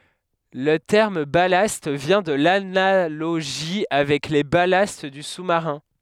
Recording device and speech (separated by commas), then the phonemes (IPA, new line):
headset microphone, read sentence
lə tɛʁm balast vjɛ̃ də lanaloʒi avɛk le balast dy susmaʁɛ̃